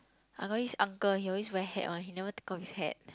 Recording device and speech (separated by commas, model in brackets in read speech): close-talking microphone, conversation in the same room